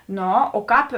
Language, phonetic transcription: Lithuanian, ˈno o ˈkāp

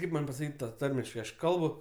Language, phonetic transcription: Lithuanian, ˈkaip man' pasaˈkyt' ˈtą ˈtarmiškai ˈaš ˈkalbu

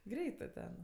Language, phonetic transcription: Lithuanian, ˈgreitɜ ten

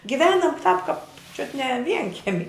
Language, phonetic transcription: Lithuanian, giˈvenam tāp kap čiut ne ˈvienkemi

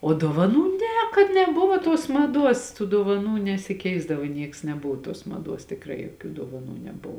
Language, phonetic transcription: Lithuanian, o dovaˈnų ˈne kad neˈbuvo tuos maˈduos tų dovaˈnų nesiˈkeisdavo ˈnieks neˈbuvo tuos maˈduos tikˈrai joˈkių dovaˈnų neˈbuvo

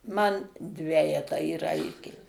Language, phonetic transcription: Lithuanian, man ˈdvejetą įˈraitė

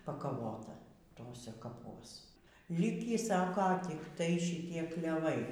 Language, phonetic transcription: Lithuanian, pakaˈvota ˈtose kaˈpuos ˈlikį ˈsako tikˈtai šiˈtie kleˈvai

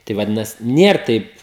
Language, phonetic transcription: Lithuanian, ˈtai vaˈdinasi ˈnier ˈtaip

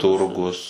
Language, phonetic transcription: Lithuanian, ˈturgus

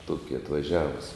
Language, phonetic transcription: Lithuanian, ˈtuoki atvaˈžiavus

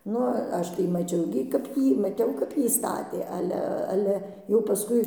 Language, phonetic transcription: Lithuanian, ˈnu ˈaš tai maˈčiau gi kap ˈjį maˈtiau kap ˈjį ˈstatė ˈale ˈale jau paˈskui

